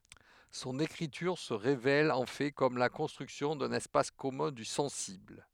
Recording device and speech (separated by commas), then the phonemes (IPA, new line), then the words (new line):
headset microphone, read sentence
sɔ̃n ekʁityʁ sə ʁevɛl ɑ̃ fɛ kɔm la kɔ̃stʁyksjɔ̃ dœ̃n ɛspas kɔmœ̃ dy sɑ̃sibl
Son écriture se révèle en fait comme la construction d'un espace commun du sensible.